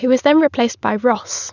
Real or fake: real